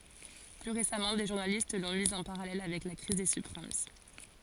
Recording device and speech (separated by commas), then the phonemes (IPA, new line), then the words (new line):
forehead accelerometer, read sentence
ply ʁesamɑ̃ de ʒuʁnalist lɔ̃ miz ɑ̃ paʁalɛl avɛk la kʁiz de sybpʁim
Plus récemment, des journalistes l’ont mise en parallèle avec la crise des subprimes.